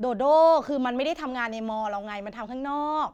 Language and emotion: Thai, frustrated